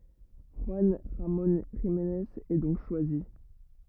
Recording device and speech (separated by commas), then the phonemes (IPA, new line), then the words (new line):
rigid in-ear microphone, read sentence
ʒyɑ̃ ʁamɔ̃ ʒimnez ɛ dɔ̃k ʃwazi
Juan Ramon Jimenez est donc choisi.